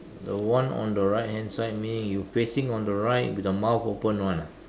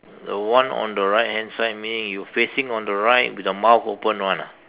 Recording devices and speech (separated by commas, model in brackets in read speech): standing microphone, telephone, conversation in separate rooms